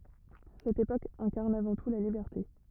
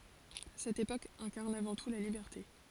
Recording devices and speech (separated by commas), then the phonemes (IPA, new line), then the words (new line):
rigid in-ear microphone, forehead accelerometer, read sentence
sɛt epok ɛ̃kaʁn avɑ̃ tu la libɛʁte
Cette époque incarne avant tout la liberté.